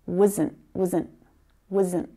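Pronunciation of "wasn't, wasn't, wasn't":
'Wasn't' is said unstressed, and its sound flattens out, so it sounds a lot like 'doesn't'.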